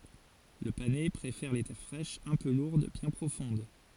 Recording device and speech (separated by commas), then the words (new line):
forehead accelerometer, read sentence
Le panais préfère les terres fraîches, un peu lourdes, bien profondes.